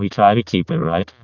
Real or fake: fake